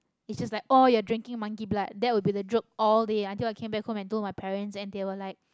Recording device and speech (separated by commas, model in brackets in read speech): close-talking microphone, conversation in the same room